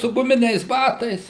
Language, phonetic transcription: Lithuanian, su guˈminiais ˈbatais

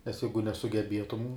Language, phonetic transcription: Lithuanian, nes ˈjeigu nesugeˈbietum

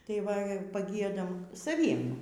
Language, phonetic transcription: Lithuanian, tai ˈva paˈgiedam saˈviem

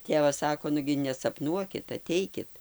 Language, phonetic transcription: Lithuanian, ˈtėvas ˈsako ˈnugi nesapˈnuokit aˈteikit

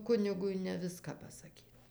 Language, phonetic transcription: Lithuanian, ˈkunigui ne ˈviską pasaˈkyt

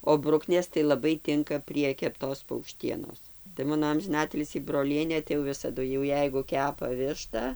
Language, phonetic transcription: Lithuanian, o ˈbruknės tai laˈbai ˈtinka prie kepˈtos paukˈštienos tai ˈmano amžiˈnatilsį broˈlienė tai jau ˈvisadu jau ˈjeigu ˈkepa ˈvišta

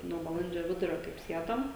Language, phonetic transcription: Lithuanian, ˈnuo baˈlandžio ˈvidurio kaip ˈsiedom

